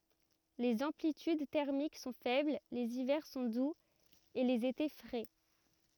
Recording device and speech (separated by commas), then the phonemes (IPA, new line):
rigid in-ear microphone, read sentence
lez ɑ̃plityd tɛʁmik sɔ̃ fɛbl lez ivɛʁ sɔ̃ duz e lez ete fʁɛ